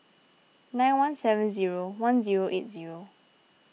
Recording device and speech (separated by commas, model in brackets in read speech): mobile phone (iPhone 6), read sentence